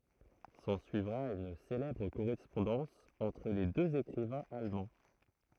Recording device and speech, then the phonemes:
throat microphone, read sentence
sɑ̃syivʁa yn selɛbʁ koʁɛspɔ̃dɑ̃s ɑ̃tʁ le døz ekʁivɛ̃z almɑ̃

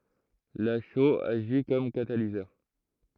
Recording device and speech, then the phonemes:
throat microphone, read sentence
la ʃoz aʒi kɔm katalizœʁ

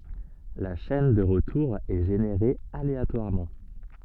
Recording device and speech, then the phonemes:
soft in-ear microphone, read sentence
la ʃɛn də ʁətuʁ ɛ ʒeneʁe aleatwaʁmɑ̃

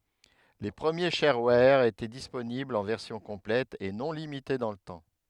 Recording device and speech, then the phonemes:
headset microphone, read sentence
le pʁəmje ʃɛʁwɛʁ etɛ disponiblz ɑ̃ vɛʁsjɔ̃ kɔ̃plɛt e nɔ̃ limite dɑ̃ lə tɑ̃

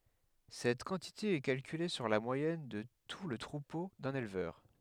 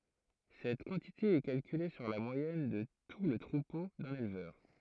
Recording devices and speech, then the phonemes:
headset microphone, throat microphone, read sentence
sɛt kɑ̃tite ɛ kalkyle syʁ la mwajɛn də tu lə tʁupo dœ̃n elvœʁ

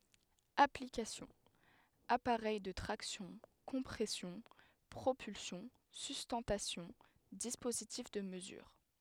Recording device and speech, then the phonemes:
headset microphone, read sentence
aplikasjɔ̃ apaʁɛj də tʁaksjɔ̃ kɔ̃pʁɛsjɔ̃ pʁopylsjɔ̃ systɑ̃tasjɔ̃ dispozitif də məzyʁ

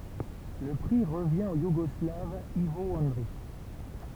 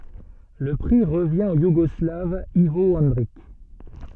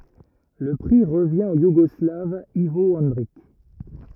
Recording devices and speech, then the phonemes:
temple vibration pickup, soft in-ear microphone, rigid in-ear microphone, read sentence
lə pʁi ʁəvjɛ̃ o juɡɔslav ivo ɑ̃dʁik

